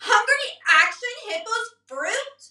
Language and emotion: English, disgusted